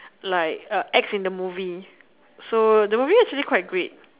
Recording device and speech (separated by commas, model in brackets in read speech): telephone, conversation in separate rooms